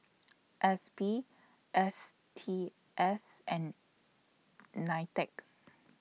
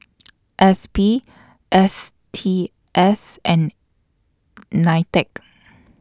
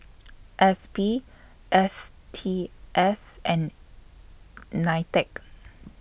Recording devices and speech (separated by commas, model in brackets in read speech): mobile phone (iPhone 6), standing microphone (AKG C214), boundary microphone (BM630), read sentence